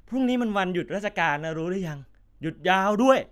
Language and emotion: Thai, frustrated